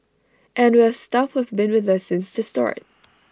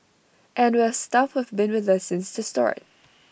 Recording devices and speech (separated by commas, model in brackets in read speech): standing microphone (AKG C214), boundary microphone (BM630), read sentence